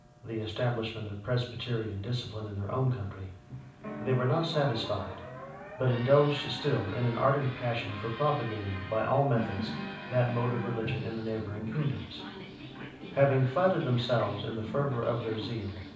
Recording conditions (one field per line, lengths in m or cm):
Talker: one person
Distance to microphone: 5.8 m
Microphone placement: far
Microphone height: 1.8 m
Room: medium-sized (5.7 m by 4.0 m)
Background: television